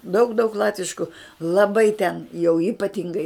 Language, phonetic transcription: Lithuanian, daug daug ˈlatvišku laˈbai ten jau ypaˈtingai

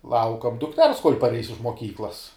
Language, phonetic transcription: Lithuanian, ˈlaukam dukˈters kol' parˈeis iš moˈkyklas

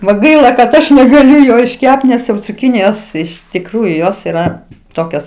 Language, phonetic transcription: Lithuanian, va ˈgaila kad ˈaš negaˈliu ˈjo išˈkept nes jau cuˈkinijos iš tikˈrųju ˈjos yˈra ˈtokias

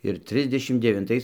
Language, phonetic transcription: Lithuanian, ir ˈtrisdešim devinˈtais

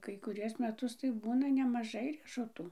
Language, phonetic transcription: Lithuanian, kai kuˈriuos meˈtus tai ˈbūna nemaˈžai riešuˈtų

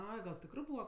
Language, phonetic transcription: Lithuanian, ˈai gal ˈtikrɜ ˈbūva

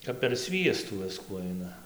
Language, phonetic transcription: Lithuanian, kap per ˈsviestų ˈviskų ˈaina

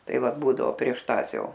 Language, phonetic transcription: Lithuanian, ˈtai ˈvat ˈbūdavo prieš ˈtąs ˈjau

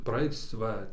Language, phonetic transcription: Lithuanian, praˈaic ˈva

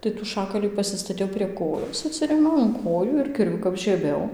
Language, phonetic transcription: Lithuanian, tai tų ˈšakalį pasistaˈtiau prie ˈkojos atˈsirėmiau in ˈkojų ir kirˈviu kap žieˈbiau

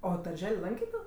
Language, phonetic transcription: Lithuanian, ˈo darˈžel' ˈlankė ˈto

